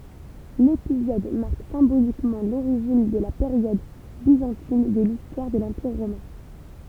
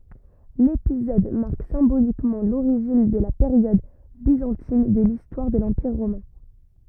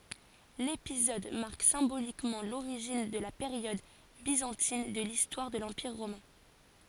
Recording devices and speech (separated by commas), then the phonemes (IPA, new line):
temple vibration pickup, rigid in-ear microphone, forehead accelerometer, read sentence
lepizɔd maʁk sɛ̃bolikmɑ̃ loʁiʒin də la peʁjɔd bizɑ̃tin də listwaʁ də lɑ̃piʁ ʁomɛ̃